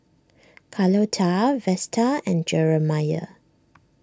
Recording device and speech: standing microphone (AKG C214), read sentence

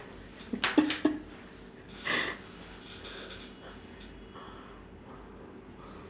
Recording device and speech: standing microphone, conversation in separate rooms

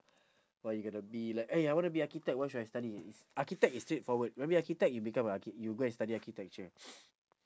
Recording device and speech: standing microphone, conversation in separate rooms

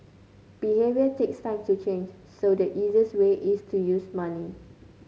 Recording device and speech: mobile phone (Samsung C9), read sentence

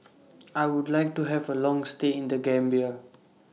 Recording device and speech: mobile phone (iPhone 6), read sentence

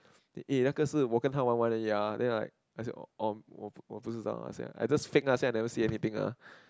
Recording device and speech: close-talking microphone, conversation in the same room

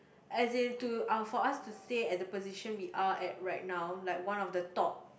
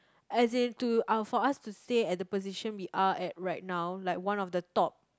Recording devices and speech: boundary microphone, close-talking microphone, conversation in the same room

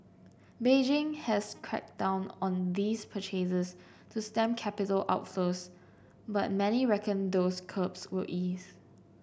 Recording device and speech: boundary microphone (BM630), read sentence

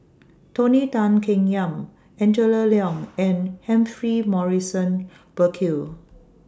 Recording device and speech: standing microphone (AKG C214), read sentence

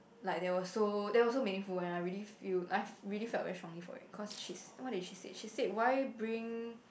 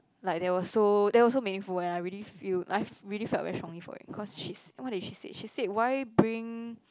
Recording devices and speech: boundary microphone, close-talking microphone, conversation in the same room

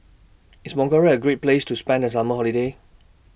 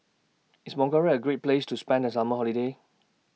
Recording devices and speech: boundary microphone (BM630), mobile phone (iPhone 6), read sentence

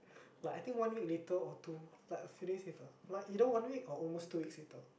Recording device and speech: boundary microphone, conversation in the same room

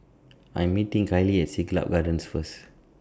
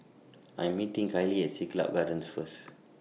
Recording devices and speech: standing microphone (AKG C214), mobile phone (iPhone 6), read sentence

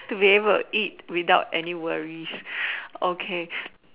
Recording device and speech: telephone, conversation in separate rooms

